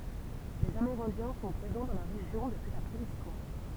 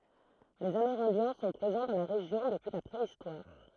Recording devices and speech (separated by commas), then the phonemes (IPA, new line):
temple vibration pickup, throat microphone, read sentence
lez ameʁɛ̃djɛ̃ sɔ̃ pʁezɑ̃ dɑ̃ la ʁeʒjɔ̃ dəpyi la pʁeistwaʁ